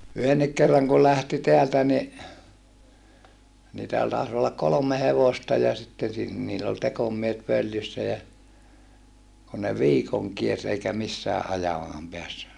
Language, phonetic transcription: Finnish, yhennik kerraŋ kul lähti teältä ni , niitähän tàis ollak kolom̆me hevosta ja sitten̬ sin- , niill ‿ol tekomiehet völjyssä jä , ku ne viikoŋ kiers eikä missääʼ ʼajamaam peässy .
- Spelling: yhdenkin kerran kun lähti täältä niin niitähän taisi olla kolme hevosta ja sitten - niillä oli tekomiehet följyssä ja kun ne viikon kiersi eikä missään ajamaan päässyt

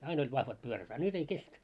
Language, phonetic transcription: Finnish, 'ain ‿oĺ 'vahvat pyörät a ny't ‿ei 'kestä .
- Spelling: aina oli vahvat pyörät a nyt ei kestä

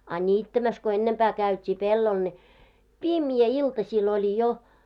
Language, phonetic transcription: Finnish, a 'ńiittämäs ko 'ennempää käyt́ii 'pellol ne , "pimjä 'iltaśiil oĺi jo .
- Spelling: a niittämässä kun ennempää käytiin pellolla ne pimeä iltasilla oli jo

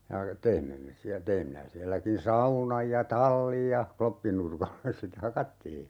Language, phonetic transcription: Finnish, ja , 'teimme me siä , 'teim minä 'siälläkin "saunaj ja "tallij ja , 'kloppinurkalles se te - "hakattii .
- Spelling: ja teimme me siellä tein minä sielläkin saunan ja tallin ja kloppinurkalle se - hakattiin

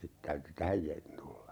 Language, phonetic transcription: Finnish, 'sit täyty "tähäj jä- , tulla .
- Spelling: sitten täytyi tähän - tulla

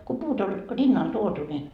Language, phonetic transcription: Finnish, ko 'puut ‿oĺ , "rinnal 'tuotu ni ,.
- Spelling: kun puut oli rinnalle tuotu niin

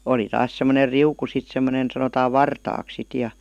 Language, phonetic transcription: Finnish, 'oli 'taas sem̀oner "riuku 'sit sem̆monen , sanotaa "vartaaks sit ja .
- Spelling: oli taas semmoinen riuku sitten semmoinen sanotaan vartaaksi sitten ja

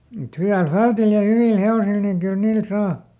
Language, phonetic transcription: Finnish, mut ˈhy₍äl "fältil ja ˈhyvìl ˈhe₍osil niŋ kyl ˈniil ˈsaa .
- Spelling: mutta hyvällä fältillä ja hyvillä hevosilla niin kyllä niillä saa

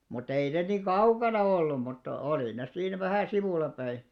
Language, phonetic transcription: Finnish, mut't ‿ei ne nii "kaukana ollum mutta 'olì ne 'siin 'vähä̀ "sivùlapäi .
- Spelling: mutta ei ne niin kaukana ollut mutta oli ne siinä vähän sivullapäin

